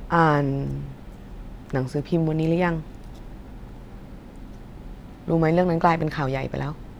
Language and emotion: Thai, frustrated